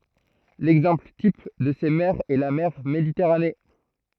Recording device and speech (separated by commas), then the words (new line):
throat microphone, read sentence
L'exemple type de ces mers est la mer Méditerranée.